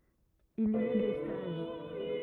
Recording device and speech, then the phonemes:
rigid in-ear microphone, read sentence
il i a de staʒ

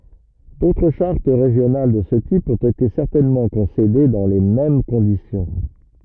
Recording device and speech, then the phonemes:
rigid in-ear microphone, read sentence
dotʁ ʃaʁt ʁeʒjonal də sə tip ɔ̃t ete sɛʁtɛnmɑ̃ kɔ̃sede dɑ̃ le mɛm kɔ̃disjɔ̃

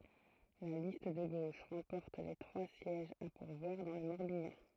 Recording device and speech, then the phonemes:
throat microphone, read sentence
la list də ɡoʃ ʁɑ̃pɔʁt le tʁwa sjɛʒz a puʁvwaʁ dɑ̃ lə mɔʁbjɑ̃

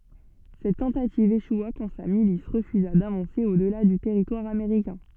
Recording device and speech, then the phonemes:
soft in-ear microphone, read sentence
sɛt tɑ̃tativ eʃwa kɑ̃ sa milis ʁəfyza davɑ̃se o dəla dy tɛʁitwaʁ ameʁikɛ̃

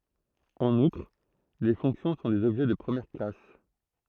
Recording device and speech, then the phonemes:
throat microphone, read sentence
ɑ̃n utʁ le fɔ̃ksjɔ̃ sɔ̃ dez ɔbʒɛ də pʁəmjɛʁ klas

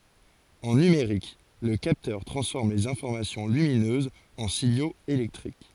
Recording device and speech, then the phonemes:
forehead accelerometer, read sentence
ɑ̃ nymeʁik lə kaptœʁ tʁɑ̃sfɔʁm lez ɛ̃fɔʁmasjɔ̃ lyminøzz ɑ̃ siɲoz elɛktʁik

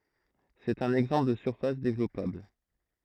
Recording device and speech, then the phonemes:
throat microphone, read sentence
sɛt œ̃n ɛɡzɑ̃pl də syʁfas devlɔpabl

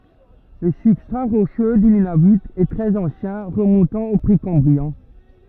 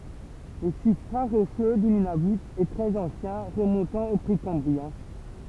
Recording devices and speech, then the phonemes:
rigid in-ear microphone, temple vibration pickup, read sentence
lə sybstʁa ʁoʃø dy nynavy ɛ tʁɛz ɑ̃sjɛ̃ ʁəmɔ̃tɑ̃ o pʁekɑ̃bʁiɛ̃

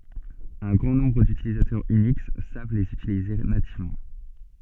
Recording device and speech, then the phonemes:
soft in-ear microphone, read sentence
œ̃ ɡʁɑ̃ nɔ̃bʁ dytilitɛʁz yniks sav lez ytilize nativmɑ̃

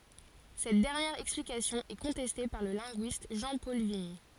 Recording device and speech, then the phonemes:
forehead accelerometer, read sentence
sɛt dɛʁnjɛʁ ɛksplikasjɔ̃ ɛ kɔ̃tɛste paʁ lə lɛ̃ɡyist ʒɑ̃pɔl viɲ

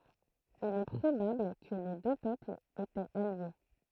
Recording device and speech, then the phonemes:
throat microphone, read sentence
il ɛ pʁobabl kə le dø pøplz etɛt alje

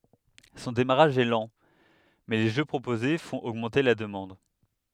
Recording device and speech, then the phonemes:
headset microphone, read sentence
sɔ̃ demaʁaʒ ɛ lɑ̃ mɛ le ʒø pʁopoze fɔ̃t oɡmɑ̃te la dəmɑ̃d

